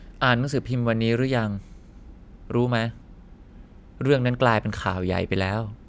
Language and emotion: Thai, neutral